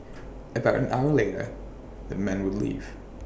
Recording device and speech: boundary microphone (BM630), read sentence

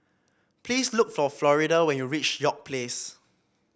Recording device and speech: boundary microphone (BM630), read sentence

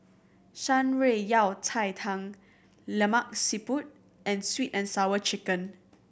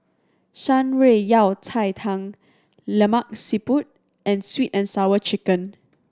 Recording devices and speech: boundary microphone (BM630), standing microphone (AKG C214), read sentence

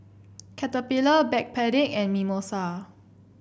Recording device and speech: boundary microphone (BM630), read sentence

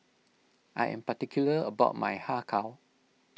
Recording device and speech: mobile phone (iPhone 6), read sentence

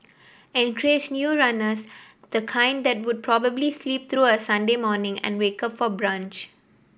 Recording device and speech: boundary microphone (BM630), read sentence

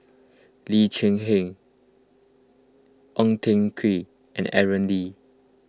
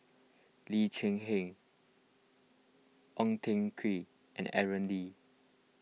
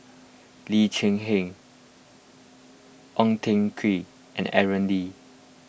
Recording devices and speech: close-talking microphone (WH20), mobile phone (iPhone 6), boundary microphone (BM630), read sentence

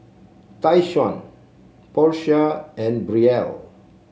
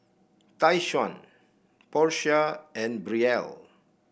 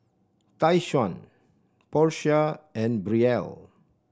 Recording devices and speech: mobile phone (Samsung C7), boundary microphone (BM630), standing microphone (AKG C214), read sentence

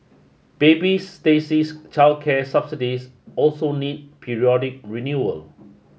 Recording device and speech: mobile phone (Samsung S8), read sentence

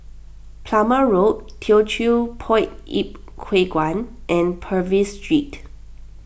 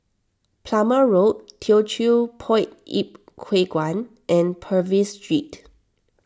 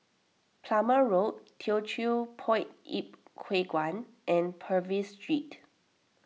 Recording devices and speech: boundary microphone (BM630), standing microphone (AKG C214), mobile phone (iPhone 6), read sentence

